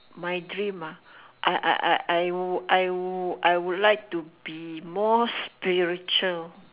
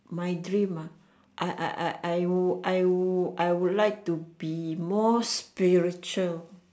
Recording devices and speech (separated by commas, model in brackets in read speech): telephone, standing microphone, conversation in separate rooms